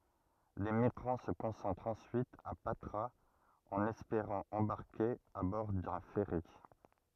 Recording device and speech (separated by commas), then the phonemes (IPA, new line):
rigid in-ear microphone, read sentence
le miɡʁɑ̃ sə kɔ̃sɑ̃tʁt ɑ̃syit a patʁaz ɑ̃n ɛspeʁɑ̃ ɑ̃baʁke a bɔʁ dœ̃ fɛʁi